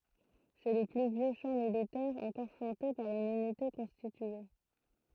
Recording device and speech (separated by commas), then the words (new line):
throat microphone, read sentence
C'est le plus vieux chant militaire encore chanté par une unité constitué.